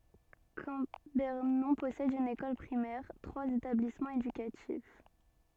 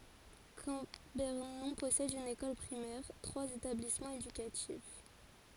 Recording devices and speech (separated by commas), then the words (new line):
soft in-ear microphone, forehead accelerometer, read sentence
Cambernon possède une école primaire, trois établissements éducatifs.